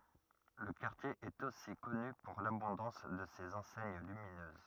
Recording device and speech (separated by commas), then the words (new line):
rigid in-ear microphone, read sentence
Le quartier est aussi connu pour l'abondance de ses enseignes lumineuses.